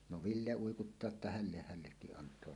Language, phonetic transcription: Finnish, no "Ville 'uikuttaa että » "hälleh "hällekkiˀ 'ˀant̀oa « .
- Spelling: no Ville uikuttaa että hänelle hänellekin antaa

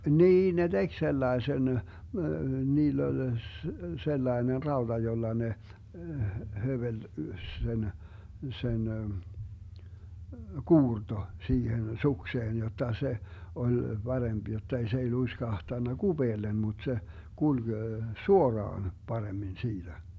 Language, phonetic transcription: Finnish, 'niin 'ne "DeG 'sellaesen , 'niill ‿oĺ , 'sellaener 'raoDa 'jolla ne , 'hövel - 'sen , 'sen , "kuurto , 'siihen "sukseen 'jotta 'se , 'oĺ 'BaremB jottei s ‿ei 'luiskahtanna "GuBeellem mut se , 'kulG , "suoraan , 'paremmin 'siitä .
- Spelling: niin ne teki sellaisen niillä oli sellainen rauta jolla ne höveli sen sen kuurto siihen sukseen jotta se oli parempi jotta ei se ei luiskahtanut kupeelle mutta se kulki suoraan paremmin siitä

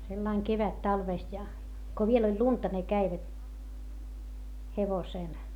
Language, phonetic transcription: Finnish, sellaiŋ kevättalvèst ja , ko viel ‿oĺ lunta ne käivät , hevosèl .
- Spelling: sillä lailla kevättalvesta ja kun vielä oli lunta ne kävivät hevosella

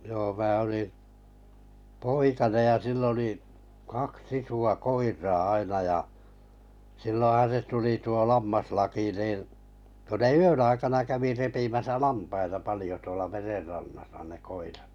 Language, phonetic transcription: Finnish, joo mää oli , 'poikanej ja 'sill ‿oli , 'kaks 'isu₍a "koir̀aa 'aina ja , 'silloo̰han̬ se 'tuli tuo 'lammaslaki niin , ko ne "yön aikana kävi repimäsä 'lampaita 'palⁱjo tuola 'mererrannasa ne 'koirat .
- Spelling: joo minä olin poikanen ja sillä oli kaksi isoa koiraa aina ja silloinhan se tuli tuo lammaslaki niin kun ne yön aikana kävi repimässä lampaita paljon tuolla merenrannassa ne koirat

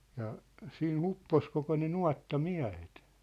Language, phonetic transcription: Finnish, ja , 'sii"n ‿uppos koko ne "nuatta'miä̭het .
- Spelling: ja siinä upposi koko ne nuottamiehet

